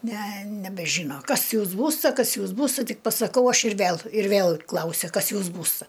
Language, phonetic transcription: Lithuanian, ne nebeˈžyno ˈkas ˈjūs ˈbūsta ˈkas ˈjūs ˈbūsta ˈtik pasaˈkau ˈaš ir ˈvel ir ˈvėl ˈklausia ˈkas ˈjūs ˈbūsta

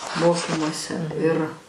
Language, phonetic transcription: Lithuanian, ˈmokymuose ir

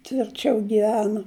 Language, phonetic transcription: Lithuanian, tvirˈčiau giˈvenu

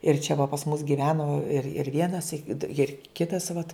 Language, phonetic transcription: Lithuanian, ir čia va pas mus giˈveno ir ir ˈvienas it ir ˈkitas vat

